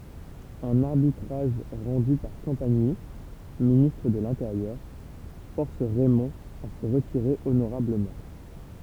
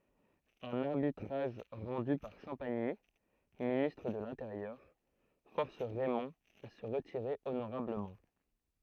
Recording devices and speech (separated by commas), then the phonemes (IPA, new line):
temple vibration pickup, throat microphone, read sentence
œ̃n aʁbitʁaʒ ʁɑ̃dy paʁ ʃɑ̃paɲi ministʁ də lɛ̃teʁjœʁ fɔʁs ʁɛmɔ̃ a sə ʁətiʁe onoʁabləmɑ̃